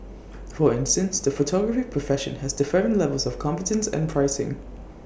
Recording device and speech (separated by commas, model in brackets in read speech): boundary microphone (BM630), read sentence